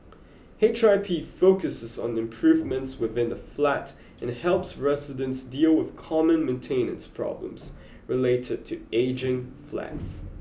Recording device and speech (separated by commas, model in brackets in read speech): boundary microphone (BM630), read sentence